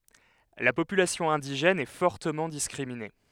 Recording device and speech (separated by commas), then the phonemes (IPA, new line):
headset microphone, read sentence
la popylasjɔ̃ ɛ̃diʒɛn ɛ fɔʁtəmɑ̃ diskʁimine